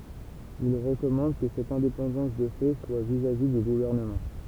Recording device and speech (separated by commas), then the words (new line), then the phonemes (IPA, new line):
temple vibration pickup, read sentence
Il recommande que cette indépendance de fait soit vis-à-vis du gouvernement.
il ʁəkɔmɑ̃d kə sɛt ɛ̃depɑ̃dɑ̃s də fɛ swa vizavi dy ɡuvɛʁnəmɑ̃